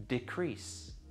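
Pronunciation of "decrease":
'Decrease' is said as the verb, with the stress on the second part of the word.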